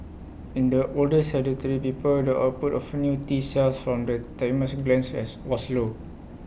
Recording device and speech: boundary microphone (BM630), read sentence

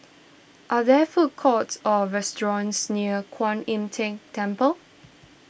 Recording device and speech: boundary microphone (BM630), read sentence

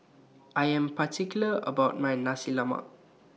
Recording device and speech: mobile phone (iPhone 6), read sentence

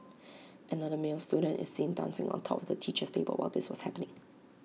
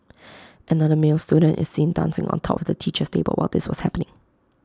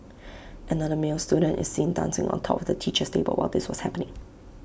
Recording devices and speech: mobile phone (iPhone 6), close-talking microphone (WH20), boundary microphone (BM630), read sentence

